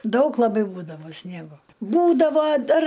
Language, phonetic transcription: Lithuanian, ˈdaug laˈbai ˈbūdavo ˈsniego ˈbūdavo ˈdar

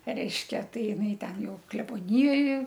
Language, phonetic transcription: Lithuanian, ˈreiškia ˈtai iˈnai ˈten ˈjau kleboˈnijoj

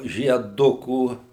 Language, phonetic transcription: Lithuanian, žieˈdukų

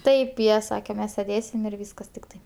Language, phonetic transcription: Lithuanian, ˈtaip ˈjie ˈsake ˈmes seˈdėsim ir ˈvyskas tikˈtai

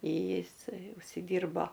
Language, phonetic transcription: Lithuanian, ˈjisai užsiˈdyrbo

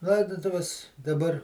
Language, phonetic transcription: Lithuanian, ˈlaidutuves daˈbar

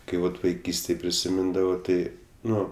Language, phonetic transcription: Lithuanian, ˈkai ˈvat vaiˈkystėj prisiˈmindavo ˈtai ˈnu

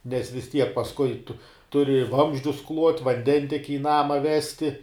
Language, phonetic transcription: Lithuanian, nes vis ˈtiek pasˈkui tu ˈturi i ˈvamzdžius kluot' vanˈdentieki i ˈnama ˈvesti

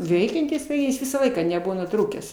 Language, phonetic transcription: Lithuanian, ˈveikiantis tai ˈjis ˈvisą ˈlaiką neˈbuvo nuˈtrūkęs

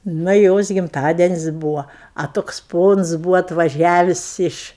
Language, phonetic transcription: Lithuanian, ˈna i ˈjos gimˈtadenis' ˈbūva a ˈtoks ˈpons ˈbūvo atvaˈžiavis ˈiš

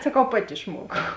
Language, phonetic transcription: Lithuanian, saˈkau ˈpati išˈmuokau

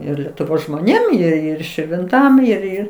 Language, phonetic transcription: Lithuanian, ˈir letuˈvos žmoˈnėm ir ˈir širvinˈtam ir ˈir

